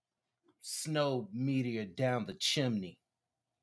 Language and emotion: English, disgusted